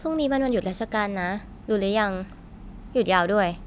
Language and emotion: Thai, neutral